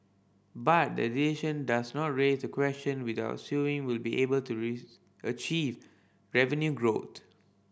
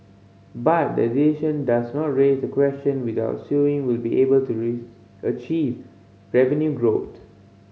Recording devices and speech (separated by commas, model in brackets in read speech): boundary microphone (BM630), mobile phone (Samsung C5010), read sentence